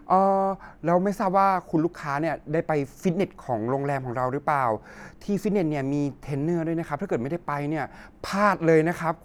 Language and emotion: Thai, neutral